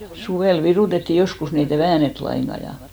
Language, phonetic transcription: Finnish, 'suvèl 'virùtetti "joskus ni e't ‿ei "väänet 'laiŋɢa ja .
- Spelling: suvella virutettiin joskus niin että ei väännetty lainkaan ja

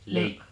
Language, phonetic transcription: Finnish, no ,.
- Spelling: no

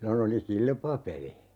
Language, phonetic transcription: Finnish, '(sillo'n) ‿oli "kilpapeli .
- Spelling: silloin oli kilpapeli

